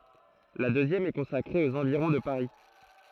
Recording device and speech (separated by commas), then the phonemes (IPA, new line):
throat microphone, read sentence
la døzjɛm ɛ kɔ̃sakʁe oz ɑ̃viʁɔ̃ də paʁi